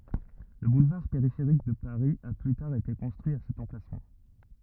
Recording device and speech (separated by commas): rigid in-ear microphone, read sentence